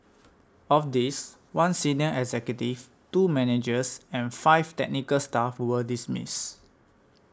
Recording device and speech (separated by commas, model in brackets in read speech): standing microphone (AKG C214), read sentence